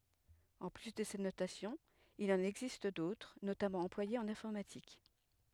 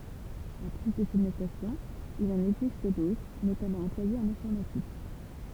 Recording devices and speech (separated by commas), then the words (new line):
headset microphone, temple vibration pickup, read sentence
En plus de cette notation, il en existe d'autres, notamment employées en informatique.